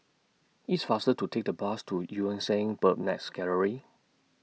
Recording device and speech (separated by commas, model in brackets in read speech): mobile phone (iPhone 6), read sentence